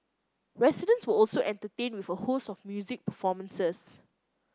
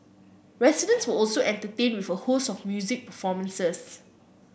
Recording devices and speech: close-talking microphone (WH30), boundary microphone (BM630), read sentence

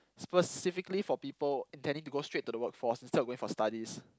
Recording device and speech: close-talking microphone, conversation in the same room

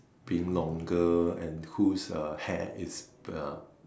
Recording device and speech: standing microphone, conversation in separate rooms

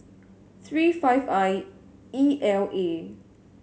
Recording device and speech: mobile phone (Samsung S8), read sentence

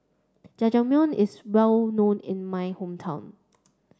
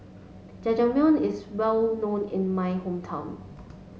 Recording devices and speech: standing microphone (AKG C214), mobile phone (Samsung S8), read sentence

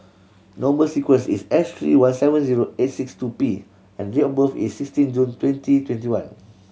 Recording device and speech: mobile phone (Samsung C7100), read sentence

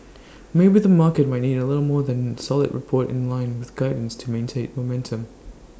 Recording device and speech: standing microphone (AKG C214), read sentence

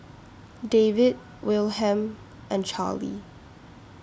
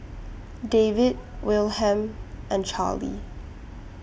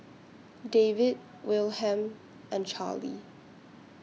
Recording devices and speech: standing microphone (AKG C214), boundary microphone (BM630), mobile phone (iPhone 6), read sentence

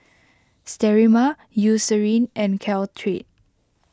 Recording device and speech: close-talking microphone (WH20), read sentence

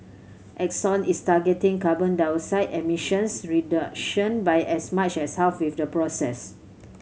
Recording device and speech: mobile phone (Samsung C7100), read sentence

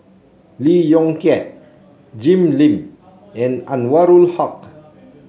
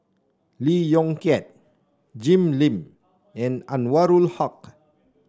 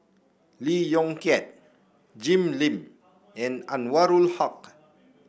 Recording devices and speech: mobile phone (Samsung C7), standing microphone (AKG C214), boundary microphone (BM630), read sentence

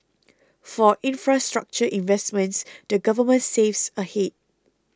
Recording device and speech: close-talking microphone (WH20), read sentence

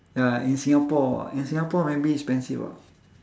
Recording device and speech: standing microphone, conversation in separate rooms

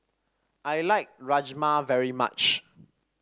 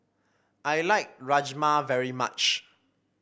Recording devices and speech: standing microphone (AKG C214), boundary microphone (BM630), read sentence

